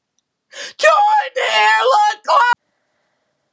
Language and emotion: English, fearful